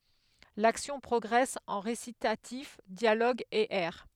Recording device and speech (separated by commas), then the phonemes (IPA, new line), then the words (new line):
headset microphone, read sentence
laksjɔ̃ pʁɔɡʁɛs ɑ̃ ʁesitatif djaloɡz e ɛʁ
L’action progresse en récitatifs, dialogues et airs.